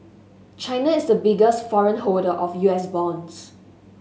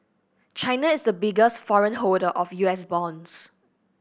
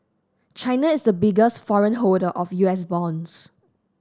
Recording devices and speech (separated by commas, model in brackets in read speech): mobile phone (Samsung S8), boundary microphone (BM630), standing microphone (AKG C214), read sentence